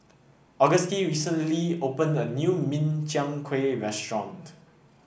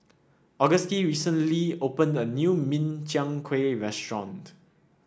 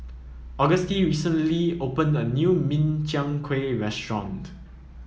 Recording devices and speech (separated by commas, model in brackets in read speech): boundary microphone (BM630), standing microphone (AKG C214), mobile phone (iPhone 7), read sentence